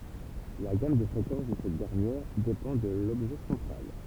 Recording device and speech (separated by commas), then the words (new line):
temple vibration pickup, read sentence
La gamme de fréquences de cette dernière dépend de l'objet central.